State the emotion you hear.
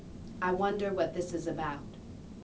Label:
neutral